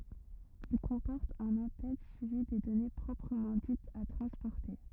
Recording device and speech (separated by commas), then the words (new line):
rigid in-ear microphone, read sentence
Il comporte un en-tête suivi des données proprement dites à transporter.